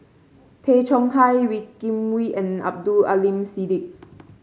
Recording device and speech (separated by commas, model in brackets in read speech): mobile phone (Samsung C5), read sentence